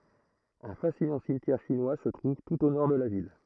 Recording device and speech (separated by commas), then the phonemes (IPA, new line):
throat microphone, read sentence
œ̃ fasinɑ̃ simtjɛʁ ʃinwa sə tʁuv tut o nɔʁ də la vil